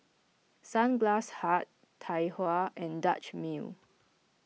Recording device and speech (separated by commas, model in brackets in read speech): mobile phone (iPhone 6), read sentence